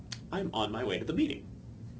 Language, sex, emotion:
English
male
happy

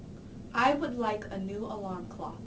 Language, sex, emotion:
English
female
neutral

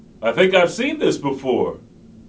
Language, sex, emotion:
English
male
happy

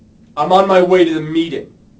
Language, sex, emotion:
English
male
angry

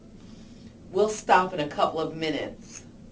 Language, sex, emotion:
English
female
angry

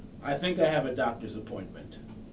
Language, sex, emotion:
English
male
neutral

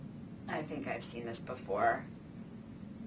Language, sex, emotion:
English
female
disgusted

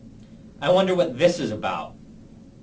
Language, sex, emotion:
English
male
disgusted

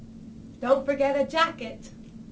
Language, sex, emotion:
English
female
angry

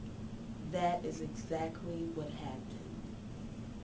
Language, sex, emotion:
English
female
neutral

